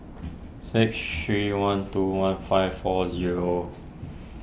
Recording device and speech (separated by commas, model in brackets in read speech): boundary microphone (BM630), read sentence